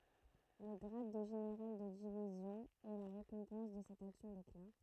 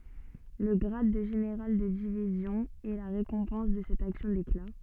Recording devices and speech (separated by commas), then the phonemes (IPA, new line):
throat microphone, soft in-ear microphone, read sentence
lə ɡʁad də ʒeneʁal də divizjɔ̃ ɛ la ʁekɔ̃pɑ̃s də sɛt aksjɔ̃ dekla